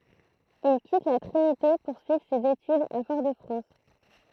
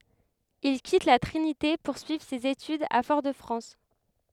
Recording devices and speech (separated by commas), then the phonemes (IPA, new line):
throat microphone, headset microphone, read sentence
il kit la tʁinite puʁ syivʁ sez etydz a fɔʁ də fʁɑ̃s